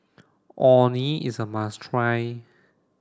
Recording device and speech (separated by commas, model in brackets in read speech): standing microphone (AKG C214), read sentence